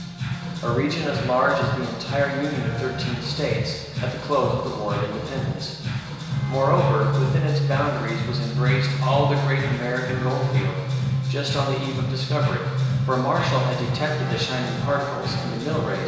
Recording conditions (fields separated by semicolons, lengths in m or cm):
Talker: one person; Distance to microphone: 1.7 m; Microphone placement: close; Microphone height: 1.0 m; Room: very reverberant, large; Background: music